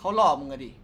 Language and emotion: Thai, neutral